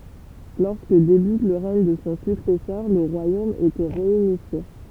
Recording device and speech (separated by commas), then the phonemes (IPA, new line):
temple vibration pickup, read sentence
lɔʁskə debyt lə ʁɛɲ də sɔ̃ syksɛsœʁ lə ʁwajom etɛ ʁeynifje